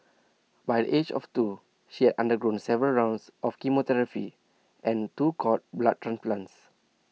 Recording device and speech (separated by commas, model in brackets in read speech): mobile phone (iPhone 6), read sentence